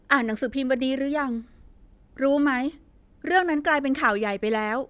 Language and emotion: Thai, frustrated